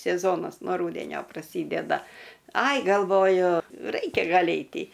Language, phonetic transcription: Lithuanian, seˈzonas no ˈrūdenio praˈsydeda ˈai galˈvoju ˈraikia ˈgal' ˈeiti

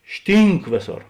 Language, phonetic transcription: Lithuanian, ˈštynk ˈvėˌsor

